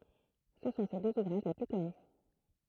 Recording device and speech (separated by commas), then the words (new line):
throat microphone, read sentence
Ce sont ses deux ouvrages les plus connus.